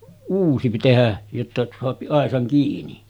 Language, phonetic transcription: Finnish, 'uusi pi-[ti] tehä , jotta soapi 'àesaŋ kiini .
- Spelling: uusi piti tehdä jotta saa aisan kiinni

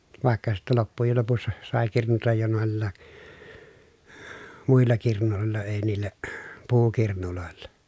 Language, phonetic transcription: Finnish, vàekka sittɛ loppujel lopussa , sàe kirnutaj jo nòellaa , muilla kirnulòel̀a èi̮ niil̆lä , puukirnulòella .
- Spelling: vaikka sitten loppujen lopussa sai kirnuta jo noilla muilla kirnuilla ei niillä puukirnuilla

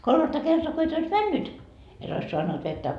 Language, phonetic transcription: Finnish, 'kolmatta kertoa ko et ois "männyt , et ois soannut vettä .
- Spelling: kolmatta kertaa kun et olisi mennyt et olisi saanut vettä

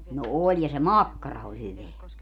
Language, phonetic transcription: Finnish, no 'oĺ ja se "makkara oĺ 'hyveä .
- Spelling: no oli ja se makkara oli hyvää

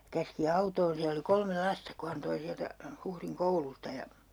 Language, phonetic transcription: Finnish, käski 'autoon siä oli 'kolme "lasta ku han 'toi 'siältä , 'Huhriŋ "koulusta ja ,.
- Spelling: käski autoon siellä oli kolme lasta kun hän toi sieltä Huhdin koulusta ja

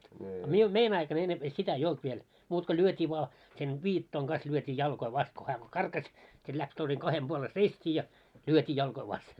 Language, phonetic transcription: Finnish, a miun , "mein ‿aikan ennemp 'sitä ei "olt viel , muut ko 'lyöt́ii vᵒa , sen 'viittoiŋ ɢas lyöt́ii 'jalkoi 'vast ko 'hää ko "karkaś , sit läks toiseŋ 'kahem ʙuole "seist́ii ja , 'lyöt́ii 'jalkoi "vasten .
- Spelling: a minun meidän aikana ennempi sitä ei ollut vielä muuta kuin lyötiin vain sen viittojen kanssa lyötiin jalkoja vasta kun hän kun karkasi sitten lähti toisen kahden puolen seistiin ja lyötiin jalkoja vasten

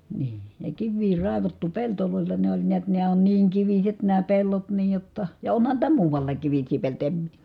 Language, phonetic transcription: Finnish, nii , ja kivvii ràevattu peltolòella ne oĺ niät nää on niiŋ kiviset nää pellot niij jotta , ja onhan niitä muuvallaak kivis̆sii peltoja em m- ,.
- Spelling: niin ja kiviä raivattu pelloilla ne oli näet nämä on niin kiviset nämä pellot niin jotta ja onhan niitä muuallakin kivisiä peltoja en -

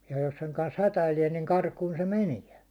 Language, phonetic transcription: Finnish, jᴀ jos seŋ kans 'hätäilie niŋ 'karkun se "meniä .
- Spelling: ja jos sen kanssa hätäilee niin karkuun se menee

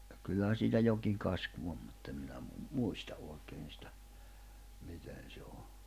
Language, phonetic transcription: Finnish, kyllähä siitä 'jokiŋ 'kasku om mutt ‿em minä mu- , "muista ’òikeen̬ s’tä , 'miten̬ se o .
- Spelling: kyllähän siitä jokin kasku on mutta en minä - muista oikein sitä miten se on

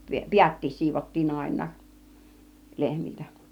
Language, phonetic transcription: Finnish, piättiis 'siivottiin 'àin̆naaˀ , 'lehmiltä .
- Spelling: päätkin siivottiin aina lehmiltä

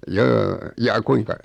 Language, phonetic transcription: Finnish, 'joo 'jaa "kuiŋka ?
- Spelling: joo jaa kuinka

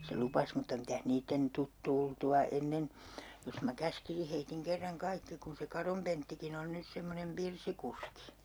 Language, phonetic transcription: Finnish, se 'lupas mutta 'mitäh 'niitten , 'tut "tultu₍a 'ennen , jos mä 'käskisi heitiŋ 'kerraŋ 'kaikki kun se 'Karom Penttikin ‿on 'nys 'semmonem "pirsikuski .
- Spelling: se lupasi mutta mitäs niiden tule tultua ennen jos minä käskisin heidän kerran kaikki kun se Karon Penttikin on nyt semmoinen pirssikuski

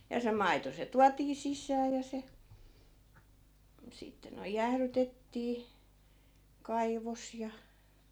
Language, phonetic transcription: Finnish, ja se 'maito se 'tuatii "sis̀ää ja se , 'sitte noi̮j "jährytettii , 'kaivos ja .
- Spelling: ja se maito se tuotiin sisään ja se sitten noin jäähdytettiin kaivossa ja

